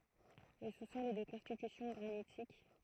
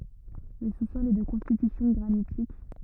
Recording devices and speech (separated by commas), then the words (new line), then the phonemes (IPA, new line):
throat microphone, rigid in-ear microphone, read sentence
Le sous-sol est de constitution granitique.
lə su sɔl ɛ də kɔ̃stitysjɔ̃ ɡʁanitik